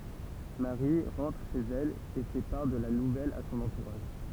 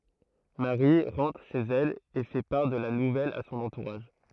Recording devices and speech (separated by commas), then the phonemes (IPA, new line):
temple vibration pickup, throat microphone, read sentence
maʁi ʁɑ̃tʁ ʃez ɛl e fɛ paʁ də la nuvɛl a sɔ̃n ɑ̃tuʁaʒ